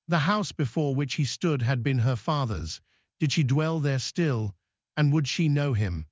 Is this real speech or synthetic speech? synthetic